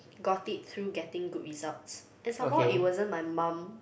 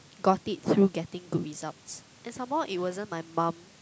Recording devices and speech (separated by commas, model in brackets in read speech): boundary microphone, close-talking microphone, conversation in the same room